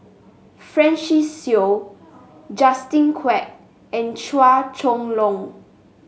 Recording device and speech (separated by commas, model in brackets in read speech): mobile phone (Samsung S8), read sentence